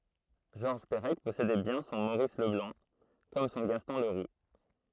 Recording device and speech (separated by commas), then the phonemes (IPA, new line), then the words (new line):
throat microphone, read sentence
ʒɔʁʒ pəʁɛk pɔsedɛ bjɛ̃ sɔ̃ moʁis ləblɑ̃ kɔm sɔ̃ ɡastɔ̃ ləʁu
Georges Perec possédait bien son Maurice Leblanc, comme son Gaston Leroux.